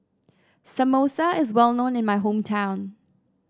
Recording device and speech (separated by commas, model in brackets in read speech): standing microphone (AKG C214), read sentence